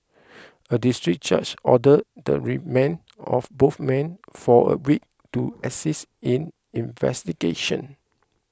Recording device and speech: close-talking microphone (WH20), read sentence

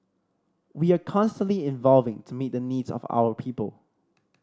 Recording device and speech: standing microphone (AKG C214), read sentence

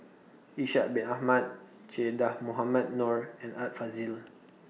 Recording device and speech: mobile phone (iPhone 6), read sentence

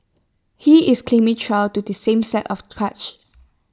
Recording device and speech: standing microphone (AKG C214), read sentence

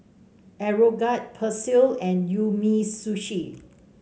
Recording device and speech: mobile phone (Samsung C5), read sentence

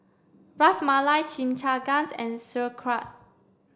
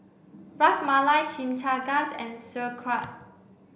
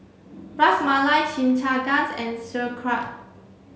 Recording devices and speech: standing microphone (AKG C214), boundary microphone (BM630), mobile phone (Samsung C7), read sentence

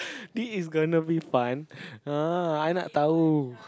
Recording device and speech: close-talking microphone, conversation in the same room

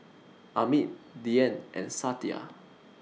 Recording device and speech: mobile phone (iPhone 6), read sentence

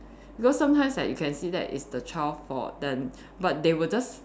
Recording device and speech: standing microphone, conversation in separate rooms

